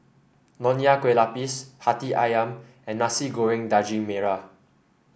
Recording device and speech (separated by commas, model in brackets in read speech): boundary microphone (BM630), read sentence